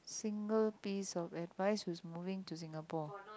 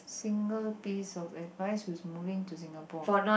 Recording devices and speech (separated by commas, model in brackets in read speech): close-talking microphone, boundary microphone, conversation in the same room